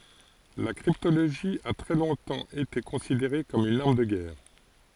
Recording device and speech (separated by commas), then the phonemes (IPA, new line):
forehead accelerometer, read sentence
la kʁiptoloʒi a tʁɛ lɔ̃tɑ̃ ete kɔ̃sideʁe kɔm yn aʁm də ɡɛʁ